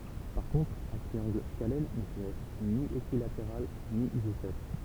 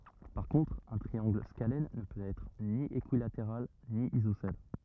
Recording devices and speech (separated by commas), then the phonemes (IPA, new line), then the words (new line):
temple vibration pickup, rigid in-ear microphone, read sentence
paʁ kɔ̃tʁ œ̃ tʁiɑ̃ɡl skalɛn nə pøt ɛtʁ ni ekyilateʁal ni izosɛl
Par contre un triangle scalène ne peut être ni équilatéral ni isocèle.